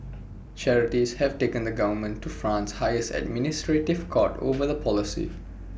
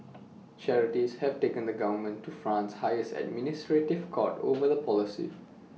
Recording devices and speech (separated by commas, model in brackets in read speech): boundary microphone (BM630), mobile phone (iPhone 6), read sentence